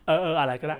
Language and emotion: Thai, frustrated